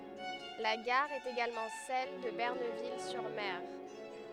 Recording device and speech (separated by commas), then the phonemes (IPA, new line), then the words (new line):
headset microphone, read sentence
la ɡaʁ ɛt eɡalmɑ̃ sɛl də bənɛʁvil syʁ mɛʁ
La gare est également celle de Benerville-sur-Mer.